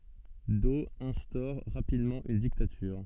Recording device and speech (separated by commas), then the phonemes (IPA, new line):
soft in-ear microphone, read sentence
dɔ ɛ̃stɔʁ ʁapidmɑ̃ yn diktatyʁ